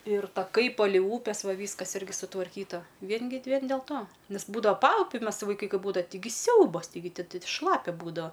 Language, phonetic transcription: Lithuanian, ir taˈkai ˈpalei ˈūpes ˈva ˈvyskas ˈirgi sutvarˈkyta ˈvien gi ˈvien del ˈto ˈnes ˈbūdava ˈpaupiu ˈmes vaiˈkai ˈkai ˈbūdava tiˈgi ˈsiaubas taiˈgi ˈti ˈti ˈšlapia ˈbūdava

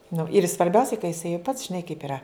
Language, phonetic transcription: Lithuanian, nu ir svarˈbiausiai ka jiˈsai jau pats žiˈnai kaip iˈra

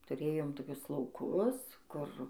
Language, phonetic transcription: Lithuanian, tuˈrėjom toˈkius lauˈkus ˈkur

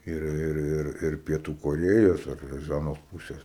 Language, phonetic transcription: Lithuanian, ˈir ˈir ˈir ir pieˈtų koˈrėjos ˈar iš ˈanos ˈpūsės

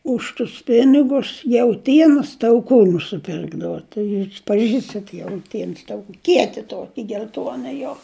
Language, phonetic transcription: Lithuanian, ˈuž tus ˈpinigus jauˈtienos tauˈkų nusiˈpirkdavo tai paˈžįstat jauˈtiens ˈtaukų ˈkieti ˈtoki gel'ˈtuona jo

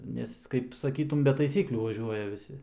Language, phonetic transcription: Lithuanian, ˈnes kaip saˈkytum be taiˈsyklių vaˈžiuoja viˈsi

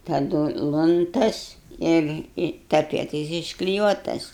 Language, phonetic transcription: Lithuanian, taˈdu i lunˈtas ir i taˈpietais iškliˈjuotas

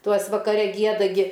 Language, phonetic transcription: Lithuanian, ˈtuos vakaˈre ˈgieda ˈgi

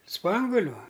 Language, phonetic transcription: Lithuanian, ˈspanguliu

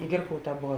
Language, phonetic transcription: Lithuanian, ˈgirkauˌtā ˈbova

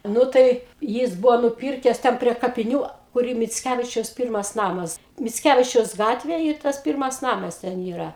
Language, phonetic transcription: Lithuanian, ˈnu tai ˈjis ˈbuvo nuˈpirkes ˈten prie kapiˈnių ˈkur i micˈkævičiaus ˈpyrmas ˈnamas micˈkævičiaus ˈgatvėj i ˈtas ˈpyrmas ˈnamas ten ˈyra

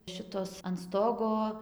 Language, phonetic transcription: Lithuanian, ˈšitos an ˈstogo

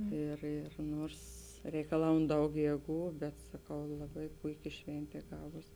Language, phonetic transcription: Lithuanian, ˈir ir ˈnuors reikaˈlaun ˈdaug ˈjėˌgų bet saˈkau laˈbai ˈpuiˌki ˈšventė ˈgavos

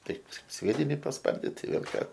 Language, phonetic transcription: Lithuanian, ˈtaip ˈsviedini pasˈpardit tai ˈvėl ˈką

